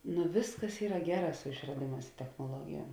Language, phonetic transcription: Lithuanian, nu ˈvisˌkas ˈyra ˈgeˌrā su išraˈdėˌmās i technoˈluogijuom

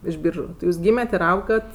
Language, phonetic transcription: Lithuanian, iš ˈbyržu ti ˈjūsˈgymet' ir ˈaugat

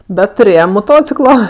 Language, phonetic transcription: Lithuanian, ˈbet tuˈrėjem moˈtociklo

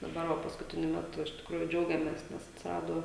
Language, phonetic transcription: Lithuanian, daˈbar ˈva paskuˈtiniu ˈmetu iš tikˈrųju ˈdžiaugiamės nes atsiˈrado

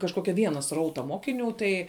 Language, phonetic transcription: Lithuanian, kažˈkokia ˈviena ˈsrauta ˈmokiˌnių tai

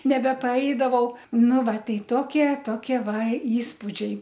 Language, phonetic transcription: Lithuanian, nebepaˈeidavau ˈnu ˈva ˈtei ˈtokie ˈtokie ˈva ˈįspudžiai

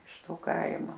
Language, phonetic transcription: Lithuanian, iš ˈto ˈkaimo

